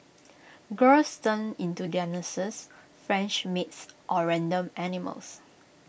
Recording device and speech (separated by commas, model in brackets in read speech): boundary microphone (BM630), read sentence